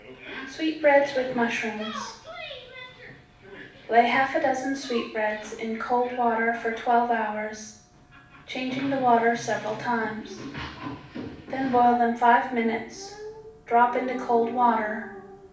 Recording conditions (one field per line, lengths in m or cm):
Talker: one person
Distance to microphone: 5.8 m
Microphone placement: far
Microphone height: 1.8 m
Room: medium-sized (5.7 m by 4.0 m)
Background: television